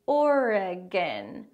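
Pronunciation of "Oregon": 'Oregon' is said with three syllables. The middle e is a schwa sound, held a little longer.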